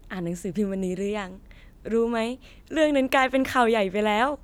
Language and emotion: Thai, happy